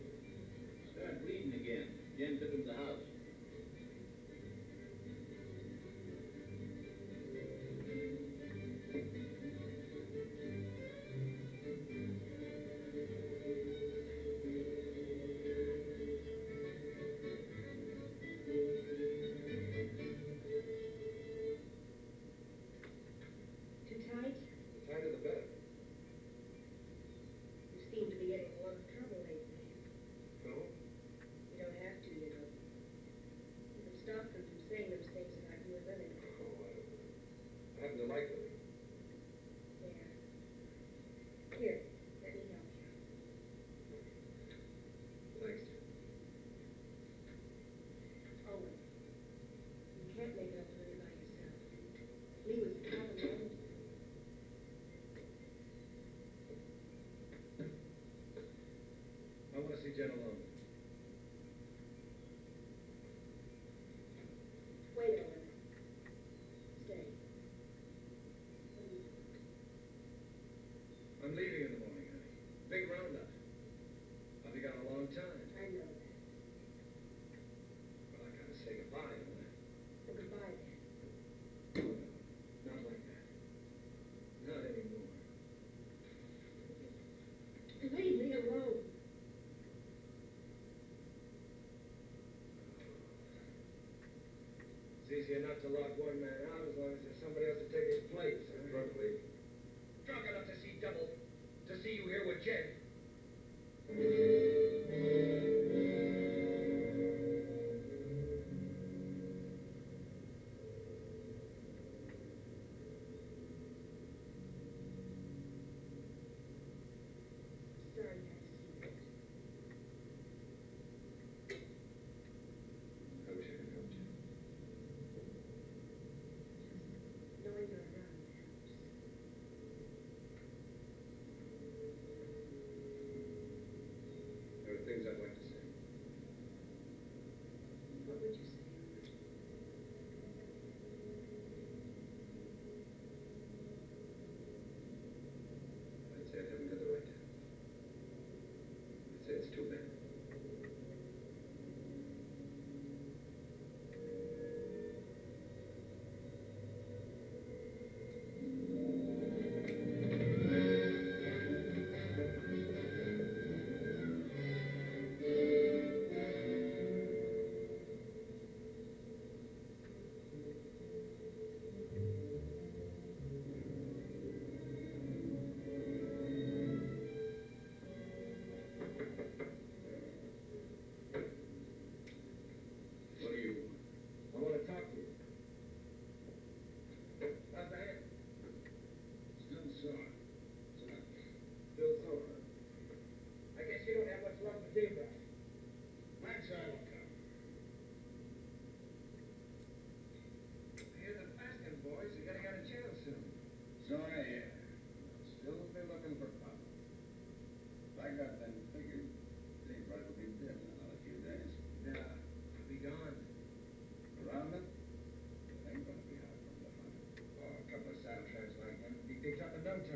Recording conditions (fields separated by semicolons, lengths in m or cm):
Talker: no one; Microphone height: 25 cm; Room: medium-sized (5.7 m by 4.0 m); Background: television